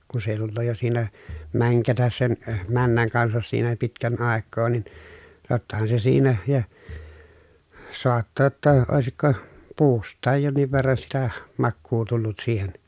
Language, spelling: Finnish, kun se jo tulee jo siinä mänkätä sen männän kanssa siinä jo pitkän aikaa niin tottahan se siinä ja saattaa jotta olisiko puustakin jonkin verran sitä makua tullut siihen
- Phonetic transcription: kun se jo tulloo jo siinä , mäŋkätäs sen , männäŋ kansas siinä (jo) pitkän àekkoo nin , tottahan se siinä , ja , soattaa ‿tta , òesikko , puust̆taaj jonniv verran sitä , makkuu tullut siihen .

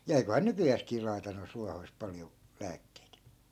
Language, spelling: Finnish, ja eiköhän nykyäänkin laita noista ruohoista paljon lääkkeitä
- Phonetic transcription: ja eikohaa "nykyjääskii lai̮ta noisᵗ 'ruahoist 'paljo , 'lääkkeit .

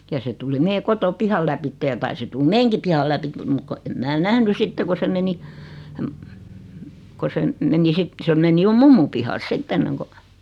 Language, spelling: Finnish, ja se tuli meidän kotipihan läpi ja taisi tulla meidänkin pihan läpi mutta kun en minä nähnyt sitten kun se meni kun se - meni sitten se meni jo mummon pihalle sitten ennen kuin
- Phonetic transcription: 'ja se tuli 'mee "koto"pihal läpitteʲ ja 'taisi tul "meeŋki pihal 'läpit mut ko em 'mää "nähny 'sitte ko se 'meni , ko se m- , meni 'sit , 'se meni 'jo "mummum pihals 'sitt ‿enneŋko ,.

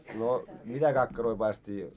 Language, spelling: Finnish, no mitä kakkaroita paistettiin
- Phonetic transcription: no , 'mitä kakkaroi 'paisᵗᵉᵗtii ?

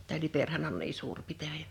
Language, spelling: Finnish, tämä Liperihän on niin suuri pitäjä
- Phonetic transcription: tää 'Liperhän on 'nii suur 'pitäjä .

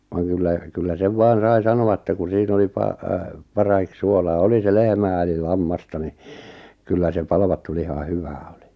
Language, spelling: Finnish, vaan kyllä kyllä sen vain sai sanoa että kun siinä oli - parahiksi suolaa oli se lehmää eli lammasta niin kyllä se palvattu liha hyvää oli
- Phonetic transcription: vaŋ 'kyllä , 'kyllä 'sev "vaan̬ 'sai 'sano₍a ᵉttä ku 'siin ‿oli 'pa- , 'parahik 'suolaa "oli se 'lehmää eli 'lammasta ni , 'kyllä se 'palvattu liha 'hyvää oli .

